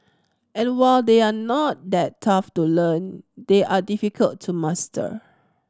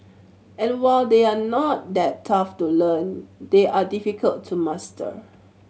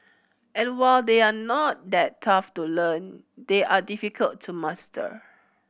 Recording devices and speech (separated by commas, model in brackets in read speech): standing microphone (AKG C214), mobile phone (Samsung C7100), boundary microphone (BM630), read sentence